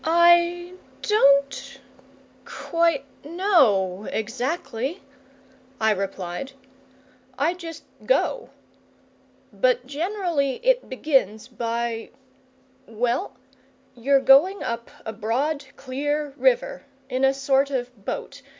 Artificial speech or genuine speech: genuine